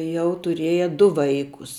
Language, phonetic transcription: Lithuanian, ˈjau tuˈrieja ˈdu ˈvaikus

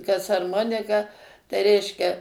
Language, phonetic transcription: Lithuanian, kas arˈmonika tai ˈreiškia

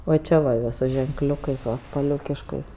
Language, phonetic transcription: Lithuanian, va ˈčia va va su ženkˈliukais va spaˈliukiškais

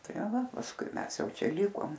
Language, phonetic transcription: Lithuanian, ˈta ˈva pasˈkui ˈmes ˈjau ˈčia ˈlikom

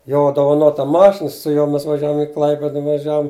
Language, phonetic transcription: Lithuanian, ˈjo dovaˈnota ˈmašina su ˈjuo ˈmes vaˈžiavum i ˈklaipida vaˈžiavum

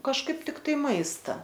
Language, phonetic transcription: Lithuanian, kažˈkaip tikˈtai ˈmaista

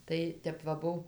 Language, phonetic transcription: Lithuanian, ˈtai ˈtep va ˈbuv

